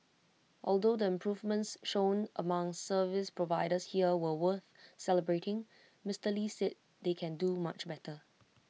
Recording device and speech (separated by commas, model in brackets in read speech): mobile phone (iPhone 6), read sentence